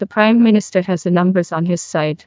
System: TTS, neural waveform model